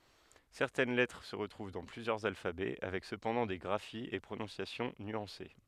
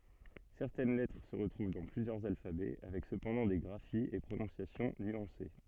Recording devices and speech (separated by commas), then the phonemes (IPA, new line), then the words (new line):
headset microphone, soft in-ear microphone, read sentence
sɛʁtɛn lɛtʁ sə ʁətʁuv dɑ̃ plyzjœʁz alfabɛ avɛk səpɑ̃dɑ̃ de ɡʁafiz e pʁonɔ̃sjasjɔ̃ nyɑ̃se
Certaines lettres se retrouvent dans plusieurs alphabets, avec cependant des graphies et prononciations nuancées.